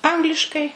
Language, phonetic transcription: Lithuanian, ˈangliškai

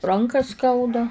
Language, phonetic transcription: Lithuanian, ˈranką ˈskauda

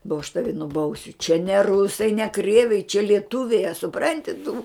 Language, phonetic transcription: Lithuanian, bo aš ˈtavi nuˈbausiu čia ne ˈrusai ne ˈkrieviai čia lieˈtuviai a suˈpranti tu

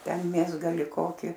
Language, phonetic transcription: Lithuanian, ˈten ˈmėsgali ˈkoki

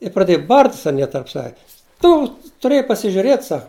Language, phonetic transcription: Lithuanian, i praˈdėju ˈbart's' aˈnie tarp ˈsave ˈtu tuˈrėjai pasižiuˈrėt ˈsak

